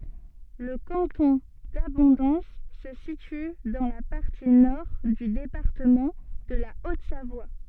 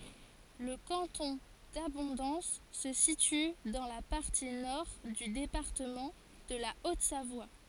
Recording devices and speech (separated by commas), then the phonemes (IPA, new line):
soft in-ear microphone, forehead accelerometer, read sentence
lə kɑ̃tɔ̃ dabɔ̃dɑ̃s sə sity dɑ̃ la paʁti nɔʁ dy depaʁtəmɑ̃ də la otzavwa